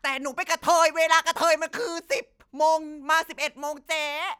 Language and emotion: Thai, angry